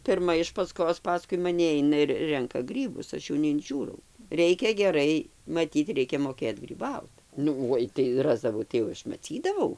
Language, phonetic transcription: Lithuanian, pirˈma iš paˈskos paˈskui maˈni ˈaina ir ˈrenka ˈgrybus ˈaš jau neinˈžiūrau ˈreikia geˈrai maˈtyt ˈreikia moˈkėt gryˈbaut ˈnu ˈoi tai ˈrasdavau tai jau ˈaš maˈcydavau

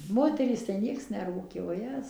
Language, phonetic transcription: Lithuanian, ˈmoterys tai ˈnieks neˈrūkė voˈjez

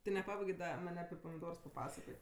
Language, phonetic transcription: Lithuanian, ti neˈpabaigė ˈda ˈman' api pamiˈdors paˈpasakot'

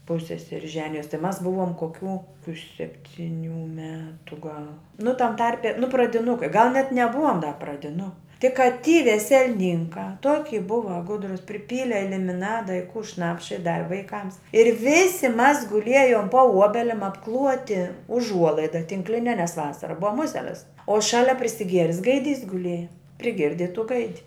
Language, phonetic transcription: Lithuanian, ˈpusseseri ˈženijos tai mas ˈbuvom koˈkių koˈkių septiˈnių ˈmetu gal nu tam ˈtarpe nu pradiˈnukai gal net neˈbuvom da pradiˈnu tik ka ty vesel'ˈninkā ˈtoki ˈbuva ˈgudrus priˈpyle limiˈnada i ku ˈšnapša i ˈdavi vaiˈkams ir ˈvisi mas guˈliejom po ˈuobelim apˈkluoti uˈžuolaida tinkˈline nes ˈvasara ˈbuva ˈmuselis o ˈšalia prisiˈgieris gaiˈdys guˈlieja priˈgirdi i tų ˈgaidi

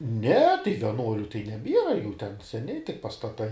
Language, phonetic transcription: Lithuanian, ne tai vieˈnuoliu tai neˈbiera jų ten seˈni tik pastaˈtai

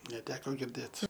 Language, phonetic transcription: Lithuanian, neˈteko girˈdėt

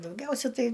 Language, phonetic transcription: Lithuanian, dauˈgiausia ˈtai

